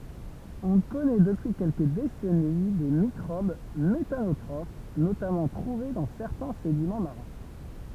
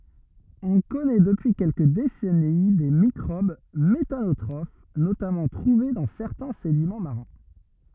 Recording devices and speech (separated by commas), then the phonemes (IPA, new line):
temple vibration pickup, rigid in-ear microphone, read sentence
ɔ̃ kɔnɛ dəpyi kɛlkə desɛni de mikʁob metanotʁof notamɑ̃ tʁuve dɑ̃ sɛʁtɛ̃ sedimɑ̃ maʁɛ̃